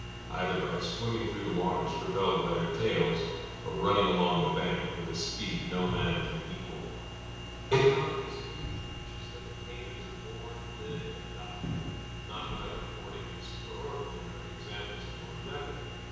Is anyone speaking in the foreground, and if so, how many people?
One person.